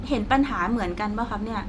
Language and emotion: Thai, frustrated